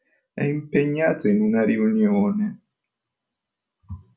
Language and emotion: Italian, sad